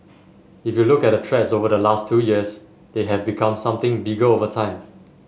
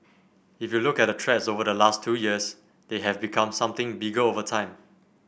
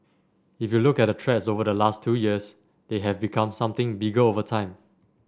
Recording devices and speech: mobile phone (Samsung S8), boundary microphone (BM630), standing microphone (AKG C214), read sentence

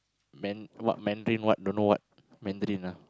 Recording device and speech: close-talking microphone, conversation in the same room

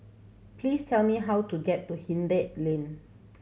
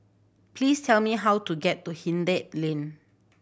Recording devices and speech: mobile phone (Samsung C7100), boundary microphone (BM630), read sentence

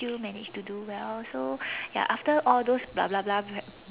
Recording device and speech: telephone, conversation in separate rooms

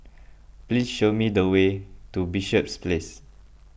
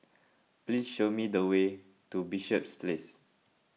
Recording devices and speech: boundary microphone (BM630), mobile phone (iPhone 6), read sentence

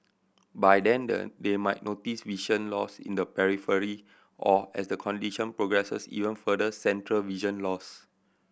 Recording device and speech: boundary microphone (BM630), read sentence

